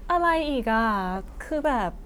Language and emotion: Thai, frustrated